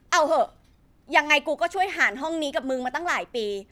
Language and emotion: Thai, angry